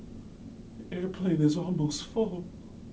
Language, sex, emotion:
English, male, fearful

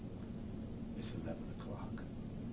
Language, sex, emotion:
English, male, neutral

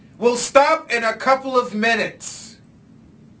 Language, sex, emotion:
English, male, angry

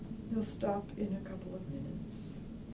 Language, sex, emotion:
English, female, sad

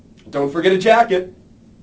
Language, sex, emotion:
English, male, happy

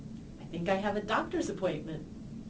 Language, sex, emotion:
English, female, happy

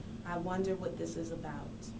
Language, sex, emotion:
English, female, neutral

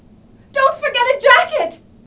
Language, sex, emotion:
English, female, fearful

